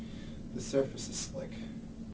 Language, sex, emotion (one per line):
English
male
fearful